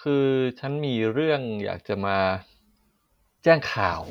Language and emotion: Thai, frustrated